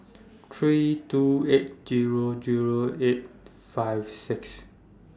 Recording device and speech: standing microphone (AKG C214), read sentence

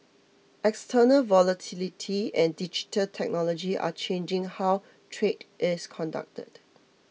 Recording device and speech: mobile phone (iPhone 6), read sentence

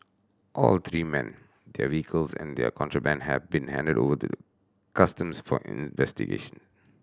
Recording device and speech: standing microphone (AKG C214), read sentence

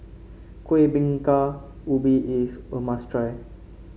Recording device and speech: mobile phone (Samsung C5), read sentence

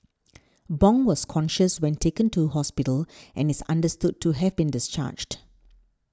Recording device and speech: standing microphone (AKG C214), read sentence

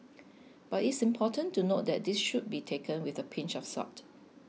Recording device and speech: mobile phone (iPhone 6), read sentence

